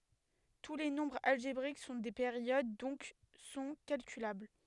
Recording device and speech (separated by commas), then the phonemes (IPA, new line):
headset microphone, read sentence
tu le nɔ̃bʁz alʒebʁik sɔ̃ de peʁjod dɔ̃k sɔ̃ kalkylabl